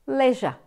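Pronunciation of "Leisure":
'Leisure' is said in an Australian accent, with Australian vowels.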